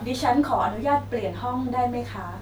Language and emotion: Thai, neutral